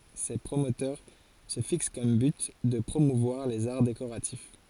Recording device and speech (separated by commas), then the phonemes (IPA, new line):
forehead accelerometer, read sentence
se pʁomotœʁ sə fiks kɔm byt də pʁomuvwaʁ lez aʁ dekoʁatif